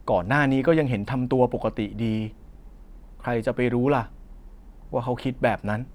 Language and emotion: Thai, frustrated